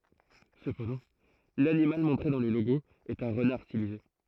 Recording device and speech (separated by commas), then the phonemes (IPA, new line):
throat microphone, read sentence
səpɑ̃dɑ̃ lanimal mɔ̃tʁe dɑ̃ lə loɡo ɛt œ̃ ʁənaʁ stilize